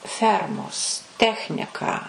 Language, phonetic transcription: Lithuanian, ˈfermos ˈtechniką

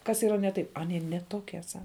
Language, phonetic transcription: Lithuanian, kas yˈra ne ˈtaip aˈnie ne ˈtokie ˈsa

